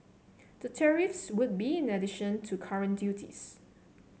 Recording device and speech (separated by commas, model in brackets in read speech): mobile phone (Samsung C7), read sentence